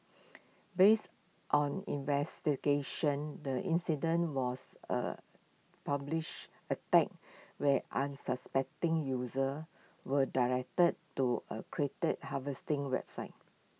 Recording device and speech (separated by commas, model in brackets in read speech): mobile phone (iPhone 6), read sentence